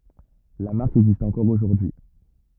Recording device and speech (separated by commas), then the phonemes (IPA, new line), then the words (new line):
rigid in-ear microphone, read sentence
la maʁk ɛɡzist ɑ̃kɔʁ oʒuʁdyi
La marque existe encore aujourd'hui.